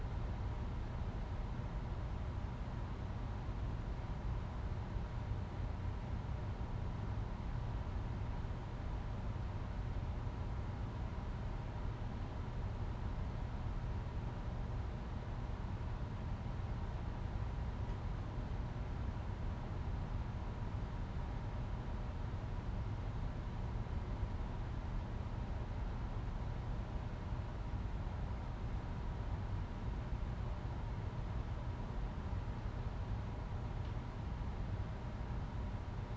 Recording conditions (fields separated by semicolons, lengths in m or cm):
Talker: no one; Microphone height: 1.8 m; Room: medium-sized (5.7 m by 4.0 m); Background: none